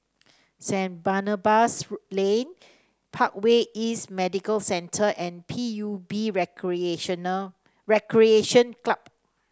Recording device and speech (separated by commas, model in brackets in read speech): standing microphone (AKG C214), read sentence